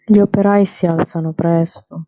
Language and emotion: Italian, sad